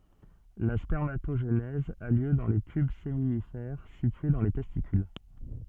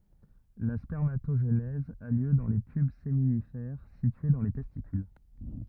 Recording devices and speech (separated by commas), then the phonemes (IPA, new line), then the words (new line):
soft in-ear microphone, rigid in-ear microphone, read sentence
la spɛʁmatoʒenɛz a ljø dɑ̃ le tyb seminifɛʁ sitye dɑ̃ le tɛstikyl
La spermatogénèse a lieu dans les tubes séminifères situés dans les testicules.